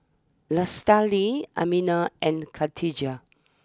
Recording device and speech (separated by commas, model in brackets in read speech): standing microphone (AKG C214), read sentence